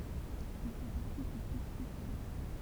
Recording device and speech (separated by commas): temple vibration pickup, read sentence